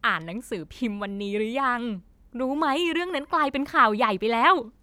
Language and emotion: Thai, happy